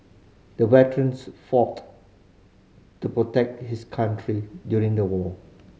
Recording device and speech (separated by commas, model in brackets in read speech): mobile phone (Samsung C5010), read sentence